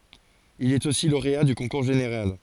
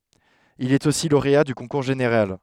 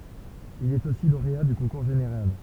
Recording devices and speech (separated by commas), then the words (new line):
forehead accelerometer, headset microphone, temple vibration pickup, read sentence
Il est aussi lauréat du concours général.